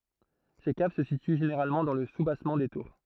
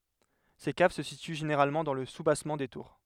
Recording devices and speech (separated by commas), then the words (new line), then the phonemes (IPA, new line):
throat microphone, headset microphone, read sentence
Ces caves se situent généralement dans le soubassement des tours.
se kav sə sity ʒeneʁalmɑ̃ dɑ̃ lə subasmɑ̃ de tuʁ